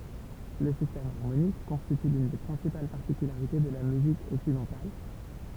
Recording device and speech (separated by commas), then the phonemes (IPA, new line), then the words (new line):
temple vibration pickup, read sentence
lə sistɛm aʁmonik kɔ̃stity lyn de pʁɛ̃sipal paʁtikylaʁite də la myzik ɔksidɑ̃tal
Le système harmonique constitue l'une des principales particularités de la musique occidentale.